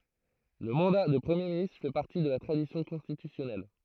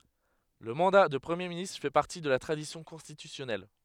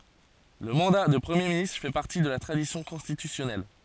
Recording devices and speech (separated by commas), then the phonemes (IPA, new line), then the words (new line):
throat microphone, headset microphone, forehead accelerometer, read sentence
lə mɑ̃da də pʁəmje ministʁ fɛ paʁti də la tʁadisjɔ̃ kɔ̃stitysjɔnɛl
Le mandat de Premier ministre fait partie de la tradition constitutionnelle.